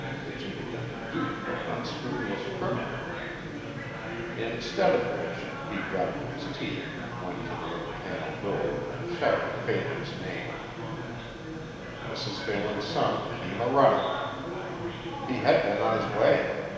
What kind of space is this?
A big, very reverberant room.